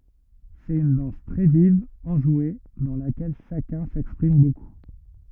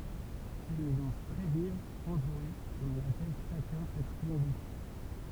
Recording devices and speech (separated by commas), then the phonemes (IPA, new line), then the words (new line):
rigid in-ear microphone, temple vibration pickup, read sentence
sɛt yn dɑ̃s tʁɛ viv ɑ̃ʒwe dɑ̃ lakɛl ʃakœ̃ sɛkspʁim boku
C'est une danse très vive, enjouée, dans laquelle chacun s'exprime beaucoup.